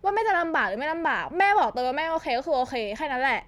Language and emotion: Thai, frustrated